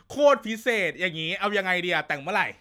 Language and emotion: Thai, happy